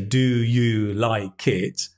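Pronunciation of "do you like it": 'Do you like it' is said here in a way it would not normally be said.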